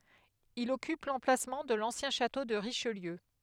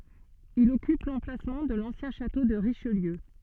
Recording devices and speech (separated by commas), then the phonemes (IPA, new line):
headset microphone, soft in-ear microphone, read sentence
il ɔkyp lɑ̃plasmɑ̃ də lɑ̃sjɛ̃ ʃato də ʁiʃliø